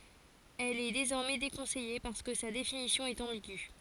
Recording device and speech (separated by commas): forehead accelerometer, read sentence